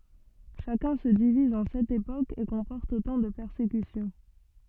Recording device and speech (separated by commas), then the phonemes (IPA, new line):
soft in-ear microphone, read sentence
ʃakœ̃ sə diviz ɑ̃ sɛt epokz e kɔ̃pɔʁt otɑ̃ də pɛʁsekysjɔ̃